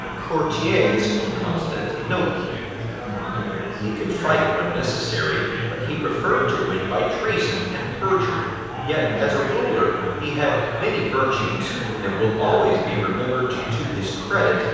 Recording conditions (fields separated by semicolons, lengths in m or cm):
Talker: one person; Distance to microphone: 7.1 m; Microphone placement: far; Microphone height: 1.7 m; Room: very reverberant, large; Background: babble